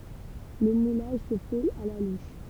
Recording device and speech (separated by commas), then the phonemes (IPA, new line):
temple vibration pickup, read sentence
lə mulaʒ sə fɛt a la luʃ